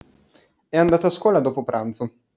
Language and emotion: Italian, neutral